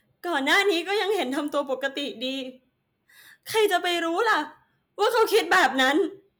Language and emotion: Thai, sad